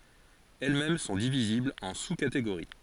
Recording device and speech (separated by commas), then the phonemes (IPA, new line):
forehead accelerometer, read sentence
ɛl mɛm sɔ̃ diviziblz ɑ̃ su kateɡoʁi